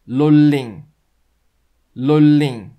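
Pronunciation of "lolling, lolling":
'Rolling' is said with a Korean L sound for both the R and the L, so it sounds like 'lolling' rather than 'rolling'.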